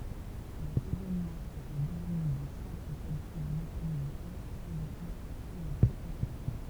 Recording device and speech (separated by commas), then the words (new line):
temple vibration pickup, read sentence
Les raisonnements seraient devenus de simples calculs mécanisables semblables à ceux de l'arithmétique.